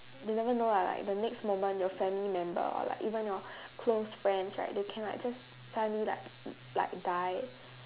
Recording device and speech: telephone, conversation in separate rooms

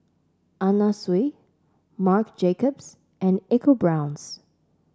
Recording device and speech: standing microphone (AKG C214), read sentence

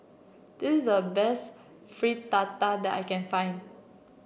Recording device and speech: boundary microphone (BM630), read sentence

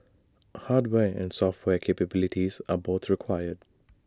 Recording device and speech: standing microphone (AKG C214), read sentence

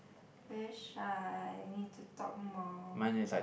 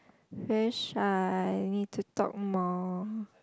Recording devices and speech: boundary microphone, close-talking microphone, conversation in the same room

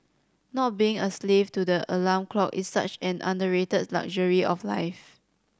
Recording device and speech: standing microphone (AKG C214), read sentence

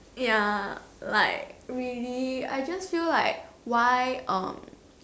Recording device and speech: standing microphone, conversation in separate rooms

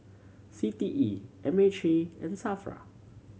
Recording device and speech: mobile phone (Samsung C7100), read sentence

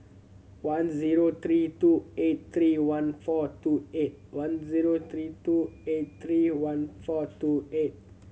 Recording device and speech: mobile phone (Samsung C7100), read sentence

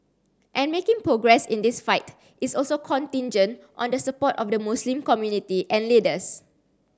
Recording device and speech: standing microphone (AKG C214), read sentence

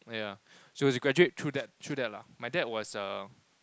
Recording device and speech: close-talking microphone, conversation in the same room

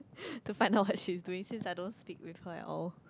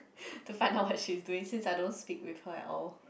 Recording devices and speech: close-talking microphone, boundary microphone, conversation in the same room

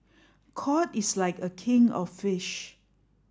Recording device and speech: standing microphone (AKG C214), read sentence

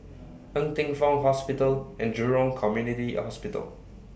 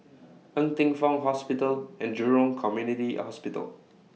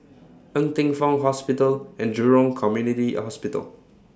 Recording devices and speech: boundary microphone (BM630), mobile phone (iPhone 6), standing microphone (AKG C214), read sentence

